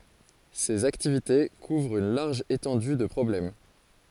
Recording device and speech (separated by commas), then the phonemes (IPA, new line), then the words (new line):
forehead accelerometer, read sentence
sez aktivite kuvʁt yn laʁʒ etɑ̃dy də pʁɔblɛm
Ses activités couvrent une large étendue de problèmes.